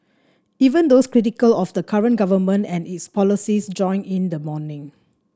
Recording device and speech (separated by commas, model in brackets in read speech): standing microphone (AKG C214), read sentence